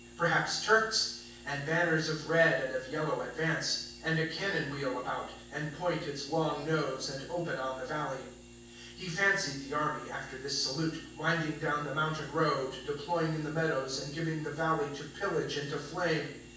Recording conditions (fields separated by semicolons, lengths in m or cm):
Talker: one person; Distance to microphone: 9.8 m; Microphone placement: far; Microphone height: 1.8 m; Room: large; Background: none